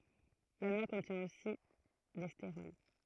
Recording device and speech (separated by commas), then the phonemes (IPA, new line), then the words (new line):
throat microphone, read sentence
la nwa kɔ̃tjɛ̃ osi de steʁɔl
La noix contient aussi des stérols.